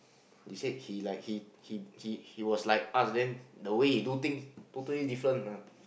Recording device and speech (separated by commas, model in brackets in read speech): boundary microphone, conversation in the same room